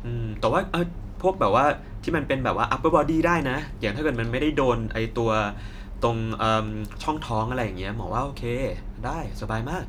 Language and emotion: Thai, neutral